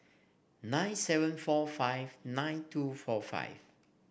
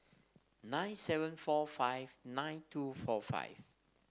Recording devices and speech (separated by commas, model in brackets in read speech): boundary microphone (BM630), standing microphone (AKG C214), read sentence